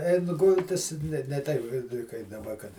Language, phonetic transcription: Lithuanian, ˈein ˈgultis ne ne ˈteip ˈkai kaip daˈba kad

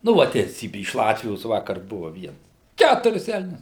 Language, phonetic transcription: Lithuanian, nu ˈva teiˈsybi iš ˈlatvijos ˈvakar ˈbuva ˈviens ˈkæturis ˈelnius

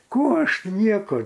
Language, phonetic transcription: Lithuanian, ˈkų aš ti ˈnieko

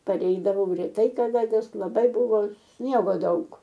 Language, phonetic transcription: Lithuanian, paˈreidavau reˈtai kaˈda nes laˈbai buˈvo ˈsniego ˈdaug

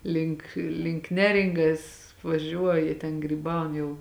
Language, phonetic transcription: Lithuanian, ˈlink link ˈneringas vaˈžiuoja ten gryˈbaun ˈjau

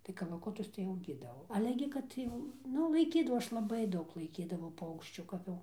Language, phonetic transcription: Lithuanian, tai kalaˈkutus tai auˈgydavau ˈale gi ˈkad jau ˈnu laiˈkydavau ˈaš laˈbai ˈdaug laiˈkydavau ˈpaukščių ˈkap jau

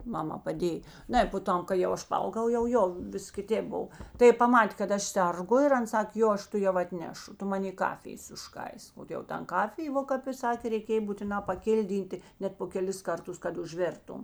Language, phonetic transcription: Lithuanian, ˈmamā paˈdėj ˈnai po ˈtam kai jau ˈaš paˈaugau jau ˈjo ˈvis kiˈtėp ˈbov tai ˈji paˈmatė kad ˈaš ˈserˌgu ir ˈan ˈsakė ˈjo ˈaš tuˈjau atˈnešu ˈtu ˈmanė ˈkafijės užˈkaisk o jau ˈtan ˈkafijė ˈvo kap i ˈsakė reiˈkėj būtiˈnā paˈkilˌdyntė ˈnet po keˈlis ˈkarˌtus kad užˈvėrtum

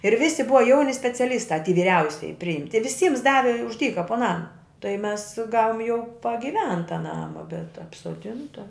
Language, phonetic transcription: Lithuanian, ir ˈvisi ˈbuva ˈjauni speciaˈlystā ty viˈriausiji priˈimti viˈsyms ˈdavi už ˈdyka po ˈnama tai mes ˈgavom jau pagiˈventa ˈnama bet apsoˈdinta

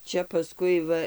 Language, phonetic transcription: Lithuanian, ˈčia paˈskui ˈva

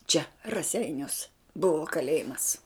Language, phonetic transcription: Lithuanian, čia raˈseiniuos ˈbuvo kaˈlėjimas

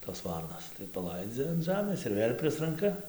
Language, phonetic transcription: Lithuanian, tos ˈvarnos tai paˈlaidzia an ˈžamės ir ˈvėl' ˈprisranka

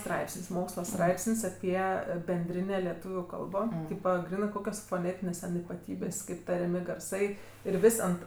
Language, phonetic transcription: Lithuanian, ˈstraipsin's' ˈmoksla ˈstraipsin's' ˈapie benˈdrinė leˈtūviu ˈkalbo ˈtypa ˈgrynɜ ˈkokios foˈnėtinės ten ipaˈtybės' ˈkaip tariaˈmi garˈsai ir ˈvis' ant

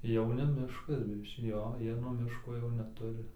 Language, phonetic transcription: Lithuanian, ˈjau ne ˈmiškas ˈjo ˈjie nuo ˈmiško jau neˈturi

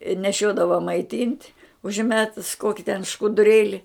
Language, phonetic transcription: Lithuanian, i neˈšiodava maiˈtynt' užˈmetus ˈkoki ten škuduˈrėli

